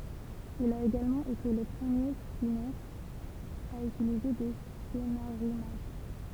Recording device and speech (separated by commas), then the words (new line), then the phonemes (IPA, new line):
temple vibration pickup, read sentence
Il a également été le premier cinéaste à utiliser des scénarimages.
il a eɡalmɑ̃ ete lə pʁəmje sineast a ytilize de senaʁimaʒ